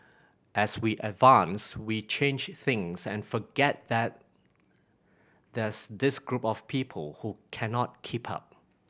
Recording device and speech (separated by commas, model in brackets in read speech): boundary microphone (BM630), read sentence